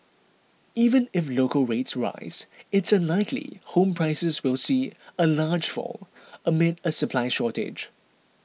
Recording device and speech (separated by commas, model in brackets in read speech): mobile phone (iPhone 6), read sentence